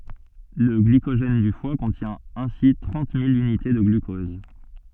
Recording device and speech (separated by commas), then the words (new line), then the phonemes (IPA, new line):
soft in-ear microphone, read sentence
Le glycogène du foie contient ainsi trente mille unités de glucose.
lə ɡlikoʒɛn dy fwa kɔ̃tjɛ̃ ɛ̃si tʁɑ̃t mil ynite də ɡlykɔz